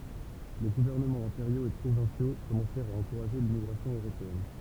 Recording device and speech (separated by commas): temple vibration pickup, read sentence